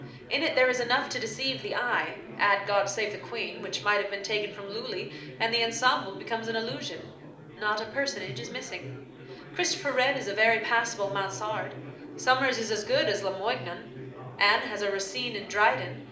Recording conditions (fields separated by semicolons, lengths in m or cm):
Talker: one person; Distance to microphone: 2.0 m; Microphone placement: close; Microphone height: 99 cm; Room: medium-sized (5.7 m by 4.0 m); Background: babble